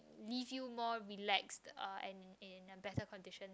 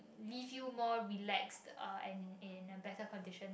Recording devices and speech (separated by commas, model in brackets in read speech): close-talking microphone, boundary microphone, conversation in the same room